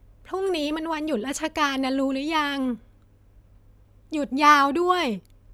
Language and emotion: Thai, neutral